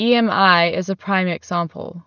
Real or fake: real